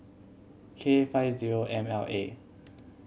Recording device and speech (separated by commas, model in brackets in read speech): mobile phone (Samsung C7100), read sentence